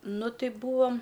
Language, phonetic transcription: Lithuanian, ˈnu ˈti ˈbūam

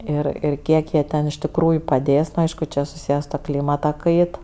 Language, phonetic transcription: Lithuanian, ˈir ir ˈkiek jie ˈten iš tikˈrųju paˈdės nu ˈaišku čia suˈsyje su tuo ˈklymata ˈkait

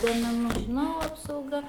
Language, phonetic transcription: Lithuanian, duomeˈnu žiˈnau apsauˈga

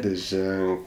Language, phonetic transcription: Lithuanian, liˈženk

